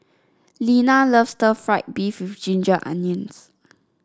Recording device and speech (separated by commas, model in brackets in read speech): standing microphone (AKG C214), read sentence